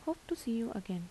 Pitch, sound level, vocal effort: 230 Hz, 78 dB SPL, soft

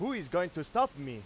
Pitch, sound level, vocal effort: 170 Hz, 100 dB SPL, very loud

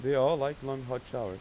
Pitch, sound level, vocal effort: 135 Hz, 93 dB SPL, normal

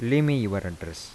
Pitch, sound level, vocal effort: 100 Hz, 83 dB SPL, soft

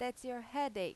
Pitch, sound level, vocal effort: 250 Hz, 92 dB SPL, loud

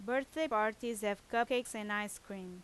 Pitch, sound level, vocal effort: 215 Hz, 88 dB SPL, loud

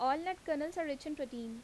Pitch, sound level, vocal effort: 295 Hz, 86 dB SPL, normal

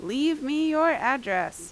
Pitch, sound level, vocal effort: 275 Hz, 90 dB SPL, very loud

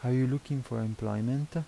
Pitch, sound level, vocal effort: 130 Hz, 81 dB SPL, soft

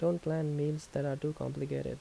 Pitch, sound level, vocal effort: 150 Hz, 78 dB SPL, soft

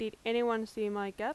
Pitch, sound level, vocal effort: 220 Hz, 88 dB SPL, loud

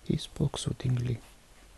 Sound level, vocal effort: 65 dB SPL, soft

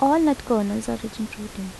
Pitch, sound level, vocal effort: 225 Hz, 80 dB SPL, soft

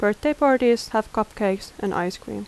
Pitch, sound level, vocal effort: 215 Hz, 81 dB SPL, normal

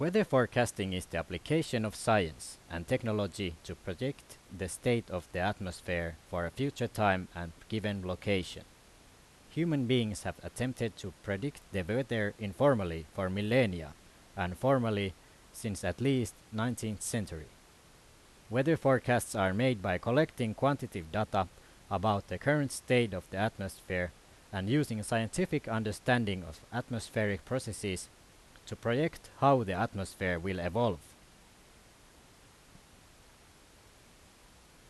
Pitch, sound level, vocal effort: 105 Hz, 86 dB SPL, loud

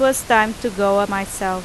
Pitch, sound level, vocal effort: 200 Hz, 89 dB SPL, loud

